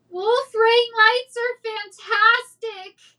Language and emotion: English, sad